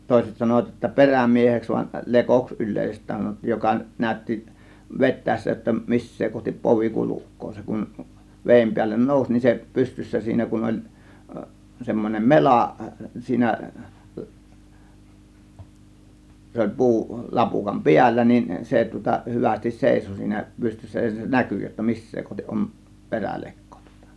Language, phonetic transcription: Finnish, 'tòėset sanovat ʲotta "perämieheks van , "lekoks 'yl̆lèisest̆tään sanottiij 'joka , 'nä̀ö̇tti , "vet̆tä̀essä jotta , "missee 'kohtip 'povi "kuluk̆koo 'se kun , "veem 'piällen "nòuś nin se , 'pystyssä 'siinä kun 'oĺ , 'semmon͕em "melà , 'siinä , se oĺ "pu̬u , 'lapukam "piällä niin , 'se tŭŏta 'hyvästis "sèiso siinä 'pystyssä ja se "näky jotta "mis̀see kohtiˀ ˀom , "perälekko tŬŎtA .
- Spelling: toiset sanoivat jotta perämieheksi vaan lekoksi yleisesti sanottiin joka näytti vetäessä jotta missä kohti povi kulkee se kun veden päälle nousi niin se pystyssä siinä kun oli semmoinen mela siinä se oli puu lapukan päällä niin se tuota hyvästi seisoi siinä pystyssä ja se näkyi jotta missä kohti on perälekko tuota

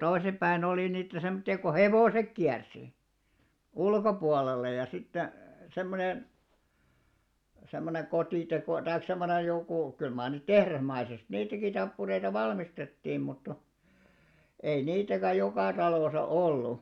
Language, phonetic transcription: Finnish, 'toisim ʙäin olì niitä 'semᵒtti₍a ko "hevòsek 'kiärsi , "ulkopualella ja sitte , 'semmonen , semmone 'kotìtekò- taik semmonej jokù , 'kyl maar niit "tehrasmaisest 'niitäki tappureita 'valmistettiim mutta , ei 'niitäkä 'jokà talòsa "ollu .
- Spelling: toisin päin oli niitä semmoisia kun hevoset kiersi ulkopuolella ja sitten semmoinen semmoinen - tai semmoinen joku kyllä mar niitä tehdasmaisesti niitäkin tappureita valmistettiin mutta ei niitäkään joka talossa ollut

